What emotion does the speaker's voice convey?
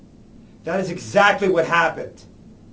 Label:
angry